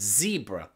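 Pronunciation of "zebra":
'Zebra' is said with the American pronunciation.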